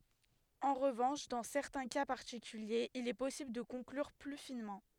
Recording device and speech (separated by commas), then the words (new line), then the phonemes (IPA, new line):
headset microphone, read sentence
En revanche dans certains cas particuliers il est possible de conclure plus finement.
ɑ̃ ʁəvɑ̃ʃ dɑ̃ sɛʁtɛ̃ ka paʁtikyljez il ɛ pɔsibl də kɔ̃klyʁ ply finmɑ̃